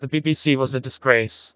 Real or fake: fake